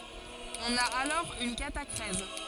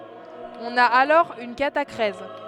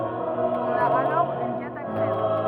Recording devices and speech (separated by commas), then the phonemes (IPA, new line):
forehead accelerometer, headset microphone, rigid in-ear microphone, read sentence
ɔ̃n a alɔʁ yn katakʁɛz